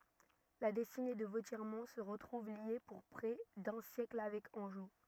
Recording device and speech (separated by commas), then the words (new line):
rigid in-ear microphone, read sentence
La destinée de Vauthiermont se retrouve liée pour près d'un siècle avec Angeot.